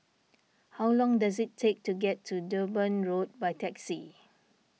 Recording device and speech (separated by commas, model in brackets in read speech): mobile phone (iPhone 6), read sentence